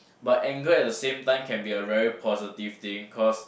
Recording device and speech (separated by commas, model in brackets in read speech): boundary microphone, conversation in the same room